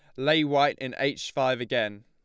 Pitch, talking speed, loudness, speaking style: 135 Hz, 195 wpm, -26 LUFS, Lombard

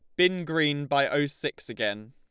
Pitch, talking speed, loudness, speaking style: 145 Hz, 190 wpm, -27 LUFS, Lombard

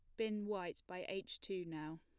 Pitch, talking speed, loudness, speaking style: 190 Hz, 200 wpm, -45 LUFS, plain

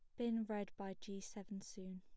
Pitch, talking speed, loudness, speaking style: 200 Hz, 205 wpm, -46 LUFS, plain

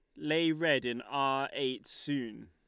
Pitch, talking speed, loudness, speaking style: 135 Hz, 160 wpm, -32 LUFS, Lombard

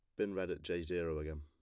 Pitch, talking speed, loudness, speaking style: 80 Hz, 300 wpm, -40 LUFS, plain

